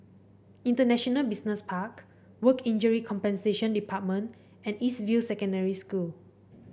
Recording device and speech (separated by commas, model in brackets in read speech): boundary microphone (BM630), read sentence